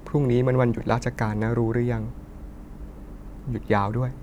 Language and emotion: Thai, neutral